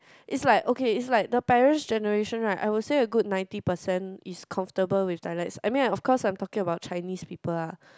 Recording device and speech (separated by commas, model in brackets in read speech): close-talking microphone, conversation in the same room